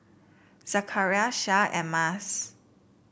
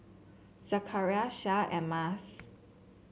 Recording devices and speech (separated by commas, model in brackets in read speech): boundary microphone (BM630), mobile phone (Samsung C7), read sentence